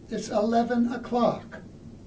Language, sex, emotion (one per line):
English
male
neutral